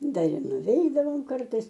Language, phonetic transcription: Lithuanian, ˈdar ir nuˈveidavom ˈkartais

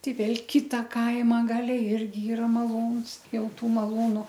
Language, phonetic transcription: Lithuanian, ˈtei ˈvėl ˈkita ˈkaima ˈgale ˈirgi ˈyra maˈlūns ˈjau ˈtų maˈlūnu

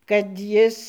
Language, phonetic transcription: Lithuanian, kad ˈjis

